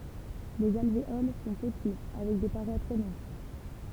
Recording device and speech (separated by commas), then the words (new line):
temple vibration pickup, read sentence
Les alvéoles sont petits avec des parois très minces.